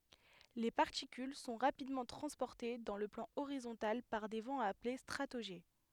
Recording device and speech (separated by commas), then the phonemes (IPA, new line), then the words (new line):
headset microphone, read sentence
le paʁtikyl sɔ̃ ʁapidmɑ̃ tʁɑ̃spɔʁte dɑ̃ lə plɑ̃ oʁizɔ̃tal paʁ de vɑ̃z aple stʁatoʒɛ
Les particules sont rapidement transportées dans le plan horizontal par des vents appelés stratojets.